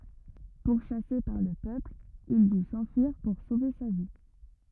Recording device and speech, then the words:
rigid in-ear microphone, read sentence
Pourchassé par le peuple, il dut s'enfuir pour sauver sa vie.

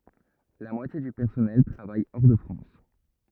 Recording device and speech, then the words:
rigid in-ear microphone, read sentence
La moitié du personnel travaille hors de France.

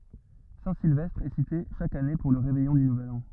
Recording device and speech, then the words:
rigid in-ear microphone, read sentence
Saint-Sylvestre est cité chaque année pour le réveillon du nouvel an.

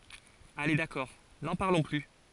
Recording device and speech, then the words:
forehead accelerometer, read sentence
Allez d’accord, n’en parlons plus.

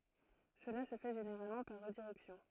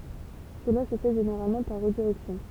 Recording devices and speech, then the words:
throat microphone, temple vibration pickup, read sentence
Cela se fait généralement par redirection.

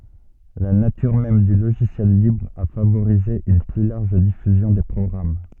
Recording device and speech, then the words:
soft in-ear microphone, read sentence
La nature même du logiciel libre a favorisé une plus large diffusion des programmes.

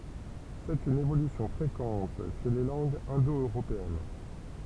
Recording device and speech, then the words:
temple vibration pickup, read sentence
C'est une évolution fréquente chez les langues indo-européennes.

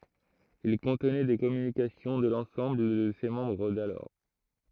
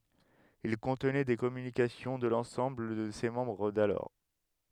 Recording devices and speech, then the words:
throat microphone, headset microphone, read sentence
Il contenait des communications de l’ensemble de ses membres d’alors.

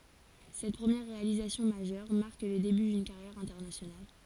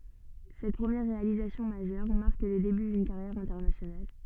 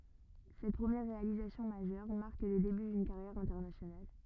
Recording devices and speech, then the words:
forehead accelerometer, soft in-ear microphone, rigid in-ear microphone, read sentence
Cette première réalisation majeure, marque le début d'une carrière internationale.

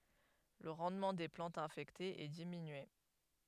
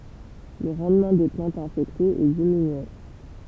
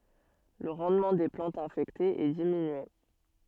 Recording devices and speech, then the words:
headset microphone, temple vibration pickup, soft in-ear microphone, read sentence
Le rendement des plantes infectées est diminué.

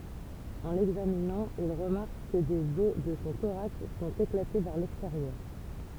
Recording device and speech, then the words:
temple vibration pickup, read sentence
En l'examinant, ils remarquent que des os de son thorax sont éclatés vers l’extérieur.

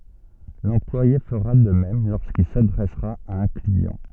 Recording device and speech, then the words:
soft in-ear microphone, read sentence
L'employé fera de même lorsqu'il s'adressera à un client.

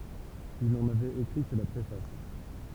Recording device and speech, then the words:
temple vibration pickup, read sentence
Il n'en avait écrit que la préface.

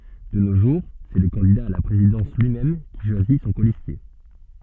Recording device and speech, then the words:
soft in-ear microphone, read sentence
De nos jours, c'est le candidat à la présidence lui-même qui choisit son colistier.

